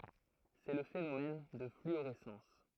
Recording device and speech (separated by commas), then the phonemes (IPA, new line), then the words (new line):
throat microphone, read sentence
sɛ lə fenomɛn də flyoʁɛsɑ̃s
C'est le phénomène de fluorescence.